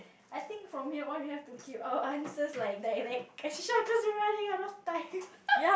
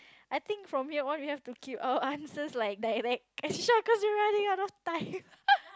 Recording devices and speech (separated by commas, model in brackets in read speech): boundary microphone, close-talking microphone, conversation in the same room